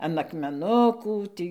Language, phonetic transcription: Lithuanian, an akmeˈnukų ˈtį

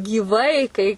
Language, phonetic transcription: Lithuanian, gyˈvai kai

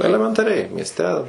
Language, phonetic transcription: Lithuanian, elementaˈriai miesˈte

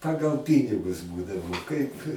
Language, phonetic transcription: Lithuanian, ˈpagal ˈpynigus ˈbūdavo kaip

